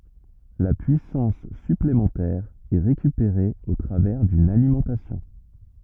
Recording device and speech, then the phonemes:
rigid in-ear microphone, read sentence
la pyisɑ̃s syplemɑ̃tɛʁ ɛ ʁekypeʁe o tʁavɛʁ dyn alimɑ̃tasjɔ̃

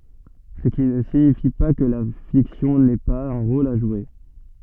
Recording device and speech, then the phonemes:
soft in-ear microphone, read sentence
sə ki nə siɲifi pa kə la fiksjɔ̃ nɛ paz œ̃ ʁol a ʒwe

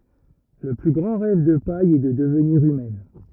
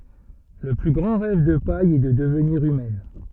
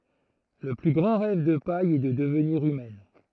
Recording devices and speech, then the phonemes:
rigid in-ear microphone, soft in-ear microphone, throat microphone, read sentence
lə ply ɡʁɑ̃ ʁɛv də paj ɛ də dəvniʁ ymɛn

